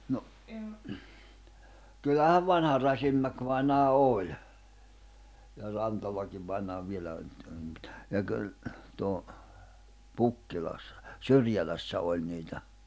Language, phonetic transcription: Finnish, no , 'kyllähäv "vanha 'Rasimmäkvainaa "òĺ , ja 'Rantalakiv vainaa 'vielä oĺ mut , , ja kyl tuo , 'Pukkilassa , "Syrjälässä 'oĺ niitä .
- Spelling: no kyllähän vanha Rasinmäki-vainaja oli ja Rantalakin vainaja vielä oli mutta ja kyllä tuo Pukkilassa Syrjälässä oli niitä

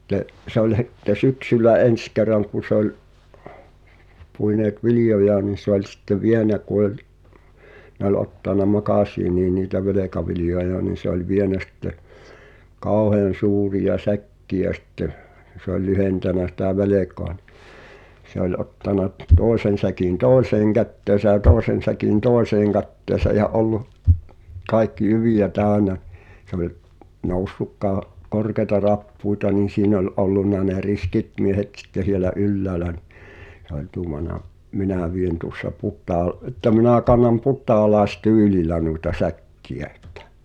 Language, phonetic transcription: Finnish, sⁱt̆te , se ‿ol h̳itte "syksyl̆lä 'en̬s ker̆raŋ ku sᵉ ‿oĺ , puineet 'vilⁱjojaa nii se ‿oĺ sⁱtte "vienä ku ‿oĺ , ne ‿ol ottàna "makàsiinii niitä 'velekavilⁱjoja nii se ‿oĺ 'vienä sⁱtte , 'kàoheăn̬ 'suurija "säkki₍ä sⁱtteʰ , se ‿oĺ 'lyhentänä sitä "velèk̀oa nɪ , se ‿oĺ ottana , 'toesen̬ säkin "toeseeŋ 'kätteesä ʲä 'tòesen̬ säkin "toeseeŋ 'kätteesä ʲä '’ollu’ , 'kài̬kki "jyvijä 'tä̀y̬nä , se ‿oĺ , 'noussuk kaa- , 'korkeĭta "rappuita nii 'siin ‿oĺ "’ollunna ne 'riskit miehet ᵗsⁱtte sielä "ylläälä nɪ , h̳e ‿oĺ 'tuumana , » 'minä vien tuŏssa 'put̳̀al- , əttä minä̀ kannam 'put̳̀aalaes"tyylil̆lä nuita 'säk̀ki₍ä ᴇttᴀ̈ « .
- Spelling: sitten se oli sitten syksyllä ensi kerran kun se oli puineet viljojaan niin se oli sitten vienyt kun oli ne oli ottanut makasiiniin niitä velkaviljoja niin se oli vienyt sitten kauhean suuria säkkejä sitten se oli lyhentänyt sitä velkaa niin se oli ottanut toisen säkin toiseen käteensä ja toisen säkin toiseen käteensä ja ollut kaikki jyviä täynnä se oli noussut - korkeita rappusia niin siinä oli ollut ne riskit miehet sitten siellä ylhäällä niin se oli tuumannut minä vien tuossa - että minä kannan putaalaistyylillä noita säkkejä että

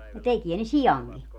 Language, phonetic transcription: Finnish, no 'tekie ne "sijaŋki .
- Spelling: no tekee ne siankin

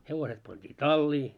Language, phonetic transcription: Finnish, 'hevoset pant́ii "tallii .
- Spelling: hevoset pantiin talliin

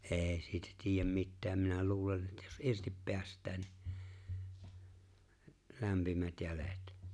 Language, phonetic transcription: Finnish, '’e̬e̬ siitä 'tiijäm "mittääm minä 'luulen ettᴀ̈ Jᴏs '’irtip 'peäs̀t̀ää nɪ , 'lämpimät 'jälet .
- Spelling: ei siitä tiedä mitään minä luulen että jos irti päästää niin lämpimät jäljet

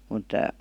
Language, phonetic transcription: Finnish, mùt ,.
- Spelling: mutta

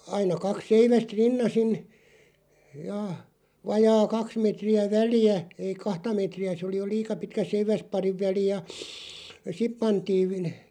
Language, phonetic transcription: Finnish, 'aina 'kak "seiväst 'rinnasin , ja , 'vajaa "kaks 'metri₍ä "väli₍ä , ei "kahta 'mètri₍ä se oli jo "liika 'pitkä "seiväs'pariv 'väli ja , "sip 'pantiiv və- ,.
- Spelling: aina kaksi seivästä rinnaisin ja vajaa kaksi metriä väliä ei kahta metriä se oli jo liian pitkä seiväsparin väli ja sitten pantiin -

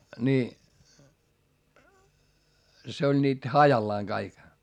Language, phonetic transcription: Finnish, ni , se oĺ niit hajallaaŋ Gaik .
- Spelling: niin se oli niitä hajallaan kaikki

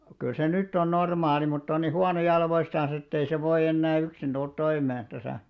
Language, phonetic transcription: Finnish, kyl se 'nytt ‿on 'normaali mutt ‿on ni "huano 'jalvoistans ‿ettei se 'voiʲ ‿ennää 'yksin ᴅult 'toimeen , 'täsä̀ .
- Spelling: kyllä se nyt on normaali mutta on niin huono jaloistansa että ei se voi enää yksin tulla toimeen tässä

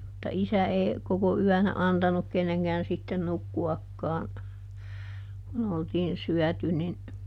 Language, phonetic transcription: Finnish, mutta ˈisä ee , ˈkoko "yänä ˈantanuk ˈkenneŋkään sitten ˈnukku₍akkaa̰ , kun ‿oltiin ˈsyɔ̈̀ty nin ,.
- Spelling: mutta isä ei koko yönä antanut kenenkään sitten nukkuakaan kun oltiin syöty niin

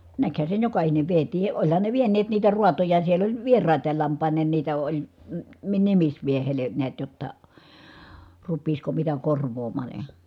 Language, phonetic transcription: Finnish, näkhä sen jokahinev vietii ʼoĺhan ne vieǹeet niitä ruatoja siel ‿oĺ , vieràit̀aal lamp̆pàiǹeen niitä oĺ , m̥ , mi- nimismiehele , niät jotta , rup̆piisko mitä korv̀oom̀aan̬ ja .
- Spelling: näkihän sen jokainen vietiin olihan ne vieneet niitä raatoja siellä oli vieraita lampaineen niitä oli - - nimismiehelle näet jotta rupeaisiko mitä korvaamaan ja

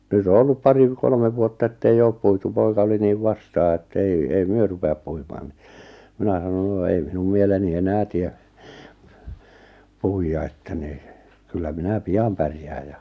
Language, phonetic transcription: Finnish, 'nyt ‿o 'ollup 'pari v- 'kolmev vuotta ettei 'oop puitu 'poika oli niiv 'vastaa ettei , » ei 'myö rupe₍ap puimaan « ni , 'minä sanon » no ei "minum mieleni "enää tie , 'puijja että ni , 'kyllä 'minä "piam 'pärjääj ja « .
- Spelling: nyt on ollut pari - kolme vuotta että ei ole puitu poika oli niin vastaan että ei ei me rupea puimaan niin minä sanon no ei minun mieleni enää tee puida että niin kyllä minä pian pärjään ja

